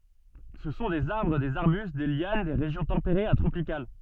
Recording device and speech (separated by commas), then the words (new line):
soft in-ear microphone, read sentence
Ce sont des arbres, des arbustes, des lianes des régions tempérées à tropicales.